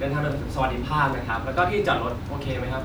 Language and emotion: Thai, happy